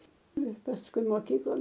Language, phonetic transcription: Lithuanian, ˈnu ir pasˈkui moˈkyklon

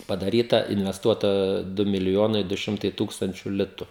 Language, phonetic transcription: Lithuanian, padaˈryta invesˈtuota ˈdu miliˈjonai du ˈšimtai ˈtūkstančiu ˈlitu

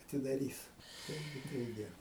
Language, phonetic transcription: Lithuanian, atidaˈrys ˈtaigi taiˈgi

